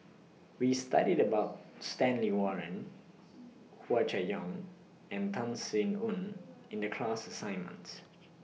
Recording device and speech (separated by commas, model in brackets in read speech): mobile phone (iPhone 6), read sentence